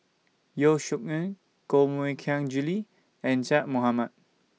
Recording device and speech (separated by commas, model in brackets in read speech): mobile phone (iPhone 6), read sentence